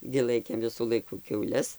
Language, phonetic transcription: Lithuanian, gi ˈlaikėm ˈvisų ˈlaikų kiauˈles

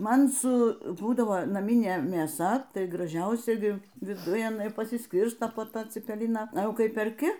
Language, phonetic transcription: Lithuanian, ˈman su ˈbūdavo naˈmynė mėˈsa ˈtai graˈžiausia ˈgi viˈduj aˈnai pasisˈkirsto po ˈtą cipeˈliną aˈjau ˈkai perˈki

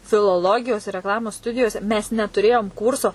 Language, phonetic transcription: Lithuanian, filoˈlogijos ir rekˈlamos ˈstudijose mes netuˈrėjom ˈkūrso

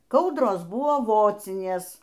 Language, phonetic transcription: Lithuanian, ˈkaudros ˈbuvo ˈvocinės

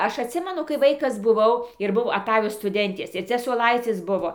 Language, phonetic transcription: Lithuanian, ˈaš atˈsimenu kai ˈvaikas buˈvau ir ˈbuvo aˈtajo stuˈdentės ir ˈcia suoˈlaicis ˈbuvo

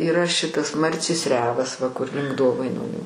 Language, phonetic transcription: Lithuanian, yˈra ˈšitas ˈmarcės ˈrevas va kur link ˈdovainonių

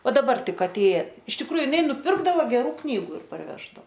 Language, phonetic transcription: Lithuanian, ˈva daˈbar ˈtik aˈtėja iš tikˈrųju iˈnai nuˈpirkdavo geˈrų ˈknygu ir parˈveždao

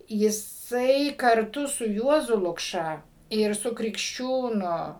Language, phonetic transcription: Lithuanian, jiˈsai karˈtu su ˈjuozu lukˈša ir ˈsu krikšˈčiūnu

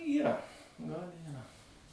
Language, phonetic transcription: Lithuanian, yˈra gal yˈra

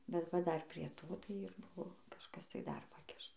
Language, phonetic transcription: Lithuanian, bet ˈva ˈdar prie ˈto tai ir ˈbuvo kažˈkas tai dar paˈkiš

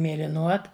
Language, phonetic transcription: Lithuanian, mėliˈnuot

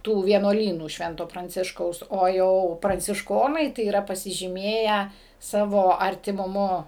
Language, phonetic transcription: Lithuanian, ˈtų vienuoˈlynų ˈšvento pranˈciškaus o ˈjau prancišˈkonai tai yˈra pasižyˈmėję ˈsavo artimuˈmu

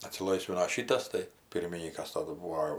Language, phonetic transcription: Lithuanian, atsiˈlaisvino ˈšytas tai ˈpirminykas ˈtadu ˈbūvo

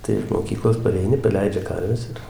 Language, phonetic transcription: Lithuanian, tai iš moˈkyklos pareiˈni paˈleidžia ˈkarves ir

